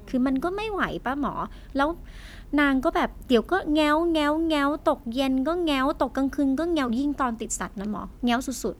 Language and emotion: Thai, frustrated